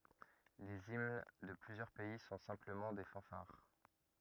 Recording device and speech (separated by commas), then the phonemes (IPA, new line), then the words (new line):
rigid in-ear microphone, read sentence
lez imn də plyzjœʁ pɛi sɔ̃ sɛ̃pləmɑ̃ de fɑ̃faʁ
Les hymnes de plusieurs pays sont simplement des fanfares.